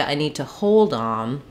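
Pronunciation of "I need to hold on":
'I need to hold on' is said the wrong way here: the stress falls on 'hold' instead of on 'on'.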